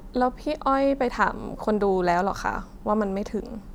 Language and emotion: Thai, neutral